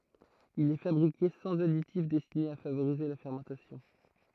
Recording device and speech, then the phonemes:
throat microphone, read sentence
il ɛ fabʁike sɑ̃z aditif dɛstine a favoʁize la fɛʁmɑ̃tasjɔ̃

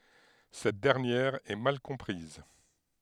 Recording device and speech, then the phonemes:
headset microphone, read sentence
sɛt dɛʁnjɛʁ ɛ mal kɔ̃pʁiz

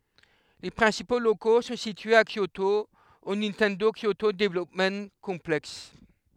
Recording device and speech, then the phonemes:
headset microphone, read sentence
le pʁɛ̃sipo loko sɔ̃ sityez a kjoto o nintɛndo kjoto dəvlɔpm kɔ̃plɛks

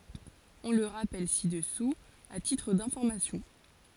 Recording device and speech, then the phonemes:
forehead accelerometer, read sentence
ɔ̃ lə ʁapɛl si dəsu a titʁ dɛ̃fɔʁmasjɔ̃

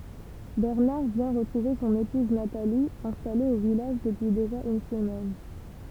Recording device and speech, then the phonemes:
temple vibration pickup, read sentence
bɛʁnaʁ vjɛ̃ ʁətʁuve sɔ̃n epuz natali ɛ̃stale o vilaʒ dəpyi deʒa yn səmɛn

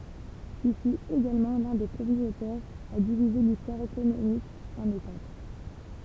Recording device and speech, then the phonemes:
temple vibration pickup, read sentence
il fyt eɡalmɑ̃ lœ̃ de pʁəmjez otœʁz a divize listwaʁ ekonomik ɑ̃n etap

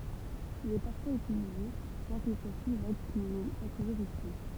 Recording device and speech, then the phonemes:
temple vibration pickup, read sentence
il ɛ paʁfwaz ytilize bjɛ̃ kil swa si vaɡ kil nɛ pa tuʒuʁz ytil

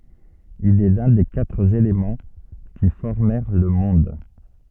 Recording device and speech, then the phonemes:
soft in-ear microphone, read sentence
il ɛ lœ̃ de katʁ elemɑ̃ ki fɔʁmɛʁ lə mɔ̃d

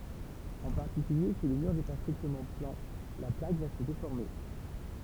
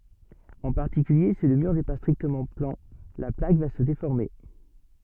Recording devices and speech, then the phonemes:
temple vibration pickup, soft in-ear microphone, read sentence
ɑ̃ paʁtikylje si lə myʁ nɛ pa stʁiktəmɑ̃ plɑ̃ la plak va sə defɔʁme

